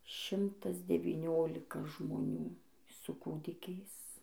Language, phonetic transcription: Lithuanian, ˈšimtas devyˈniolika žmoˈnių su ˈkūdikiais

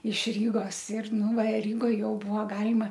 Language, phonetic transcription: Lithuanian, iš ˈrygos ir ˈnu va ˈrygoj ˈjau ˈbuvo ˈgalima

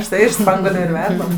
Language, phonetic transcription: Lithuanian, užˈtai iš ˈspanguoliu ir ˈverdam

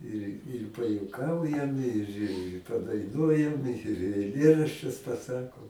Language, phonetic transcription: Lithuanian, ir ir pajuoˈkaujam ir i padaiˈnuojam ir eiˈlėraščius paˈsakom

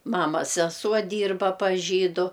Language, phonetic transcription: Lithuanian, ˈmamas seˈsuo ˈdyrba pas ˈžydu

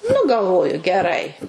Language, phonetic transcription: Lithuanian, nu galˈvoju geˈrai

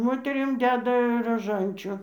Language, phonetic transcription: Lithuanian, ˈmoterim ˈdeda raˈžančiu

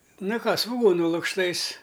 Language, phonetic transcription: Lithuanian, ˈna ˈką svuˈgūnu lukšˈtais

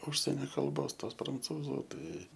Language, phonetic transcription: Lithuanian, ˈužsenia kalˈbos ˈtos pranˈcūzu ˈtai

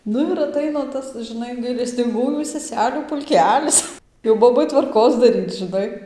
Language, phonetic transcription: Lithuanian, ˈnu ir aˈtaina ˈtas žiˈnai gailestinˈgųjų seˈselių pulˈkelis jau ˈbobai tvarˈkos daˈryc žɨˈnai

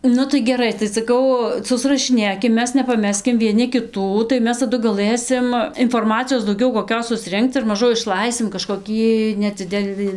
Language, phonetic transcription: Lithuanian, ˈnu tai geˈrai tai saˈkau susrašiˈnėkim ˈmes nepaˈmeskim vieˈni kiˈtų tai ˈmes taˈdu gaˈlɘsim inforˈmacijos dauˈgiau koˈkios susˈrinkc ir maˈžu išˈlaisim kažkoˈkį neˈdzidelɨ

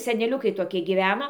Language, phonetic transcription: Lithuanian, seneˈliukai toˈkie gyˈveno

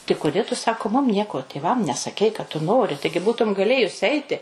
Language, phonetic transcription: Lithuanian, ti kuˈdė tu ˈsako ˈmum ˈnieko tėˈvam nesaˈkei kad tu ˈnori ˈtaigi ˈbūtum gaˈlėjus ˈeiti

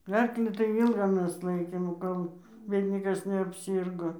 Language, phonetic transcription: Lithuanian, ˈarklį tai ˈylga ˈmes ˈlaikėm ˈkol vėl' ˈniekas neapˈsyrgo

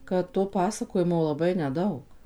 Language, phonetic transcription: Lithuanian, ˌkad to paˈsakojimo laˈbai neˈdaug

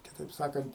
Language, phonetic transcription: Lithuanian, kiˈtaip ˈsakant

